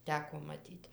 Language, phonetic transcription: Lithuanian, ˈteko maˈtyt'

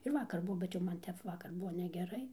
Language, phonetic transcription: Lithuanian, ir ˈvakar ˈbuo bet jau ˈman ˈtep ˈvakar ˈbuo negeˈrai

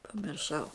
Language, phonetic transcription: Lithuanian, pamirˈšau

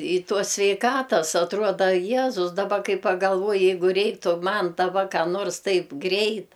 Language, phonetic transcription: Lithuanian, i ˈtuos sveiˈkatas atˈruoda ˈjezus daˈba ˈkai pagalˈvuoji ˈjeigu ˈreiktu ˈman daˈba ˈką nors ˈtaip ˈgreit

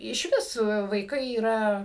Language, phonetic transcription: Lithuanian, iš ˈvis vaiˈkai yˈra

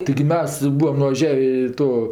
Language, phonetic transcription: Lithuanian, taigi ˈmes ˈbūam nuvaˈžiavė i ˈto

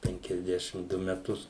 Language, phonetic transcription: Lithuanian, penkiasˈdešim ˈdu meˈtus

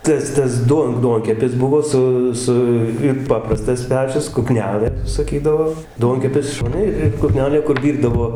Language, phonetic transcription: Lithuanian, ˈtas ˈtas ˈduon ˈduonkepis ˈbuvo ˈsu ˈsu ir ˈpaprastas ˈpečius k uˈknelɘ saˈkydavo ˈduonkepis ˈšone ˈir ir kuˈknelė kur ˈvyrdavo

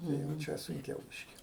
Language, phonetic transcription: Lithuanian, ˈnu jau ˈčia sunˈkiau ˈbyški

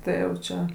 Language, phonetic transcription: Lithuanian, ˈtai jau ˈčia

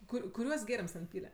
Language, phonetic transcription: Lithuanian, ˈkur kuˈriuos ˈgėrims ten ˈpyle

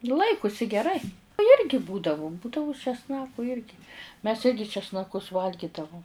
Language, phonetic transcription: Lithuanian, ˈlaikusi geˈrai ˈjirgi ˈbūdavu ˈbūdavu česˈnaku ˈjirgi mes ˈirgi česnaˈkus ˈvalgydavum

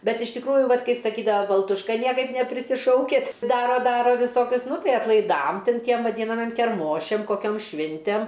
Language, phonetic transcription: Lithuanian, ˈbet iš tikˈrųju ˈvat' ˈkaip saˈkydava baltušˈka ˈniekaip neprisiˈšaukit ˈdaro ˈdaro viˈsokius ˈnu ˈtai atlaiˈdam ˈtin ˈtiem vaˈdynamiem kerˈmošiam koˈkiom ˈšvintem

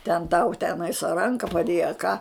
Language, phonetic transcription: Lithuanian, ten tau ˈtenais a ˈranka paˈdėja a ką

